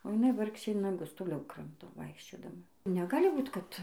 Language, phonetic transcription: Lithuanian, o jiˈnai ˈvargšė naˈgus toˈliau ˈkramto ˈvaikščiodama neˈgali ˈbūt ˈkad

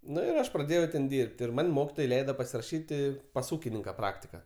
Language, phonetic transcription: Lithuanian, ˈnu ir ˈaš praˈdėjau ten ˈdyrb't' ir ˈman' ˈmokitoj ˈleida pasiraˈšyti pas ˈūkininka ˈpraktika

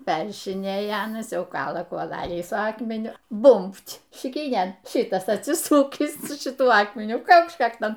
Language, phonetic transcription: Lithuanian, ˈperrišinėja ˈanas ˈjau ˈkala kuoˈlalį su ˈakmeniu ˈbumbt' šiˈkynėn ˈšitas atˈsisukįs su šiˈtuo ˈakmeniu ˈkaukšč ˈkakton

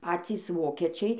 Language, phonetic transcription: Lithuanian, ˈpacys ˈvokečiai

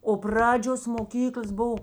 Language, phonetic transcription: Lithuanian, o ˈpradžios moˈkyklas ˈbov

